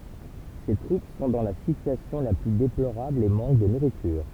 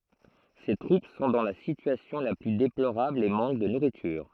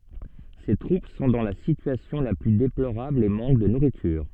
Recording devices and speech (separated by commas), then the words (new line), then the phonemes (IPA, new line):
temple vibration pickup, throat microphone, soft in-ear microphone, read sentence
Ses troupes sont dans la situation la plus déplorable et manquent de nourriture.
se tʁup sɔ̃ dɑ̃ la sityasjɔ̃ la ply deploʁabl e mɑ̃k də nuʁityʁ